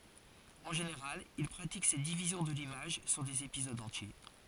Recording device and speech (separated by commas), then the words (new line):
forehead accelerometer, read sentence
En général, il pratique cette division de l'image sur des épisodes entiers.